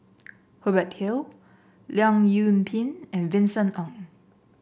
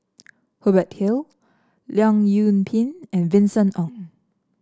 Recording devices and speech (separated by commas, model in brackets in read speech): boundary microphone (BM630), standing microphone (AKG C214), read sentence